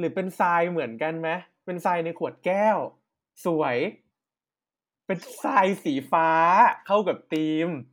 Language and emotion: Thai, happy